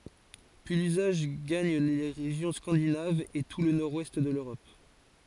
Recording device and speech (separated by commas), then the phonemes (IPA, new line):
forehead accelerometer, read sentence
pyi lyzaʒ ɡaɲ le ʁeʒjɔ̃ skɑ̃dinavz e tu lə nɔʁdwɛst də løʁɔp